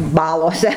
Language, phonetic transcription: Lithuanian, ˈbalose

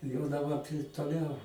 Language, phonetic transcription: Lithuanian, jau daˈba toˈliau

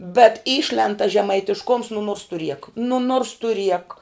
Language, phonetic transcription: Lithuanian, bet ˈyšlend tas žemaitišˈkums nu nuors tu riek nu nuors tu riek

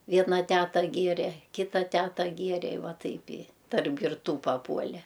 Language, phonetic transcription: Lithuanian, ˈviena ˈteta ˈgėrė ˈkita ˈteta ˈgėrė i ˈva ˈtaip i tarp girˈtų paˈpuole

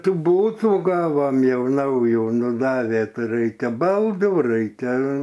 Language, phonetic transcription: Lithuanian, ˈtų ˈbūtų ˈgavom ˈjau ˈnaujų nu ˈdavė ˈtai ˈraikia ˈbaldų ˈraikia

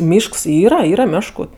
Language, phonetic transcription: Lithuanian, ˈmyšks ˈyra ˈyra ˈmešku

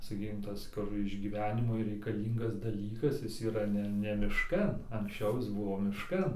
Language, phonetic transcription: Lithuanian, saˈkykim ˈtas ˈkur išgyˈvenimui reikaˈlyngas daˈlykas ˈjis yˈra ˈne ne mišˈkan anksˈčiau ˈjis ˈbuvo mišˈkan

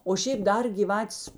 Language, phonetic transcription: Lithuanian, o ˈšėp ˈdar gyˈvatės

